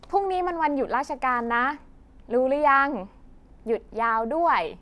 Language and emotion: Thai, happy